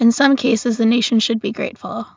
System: none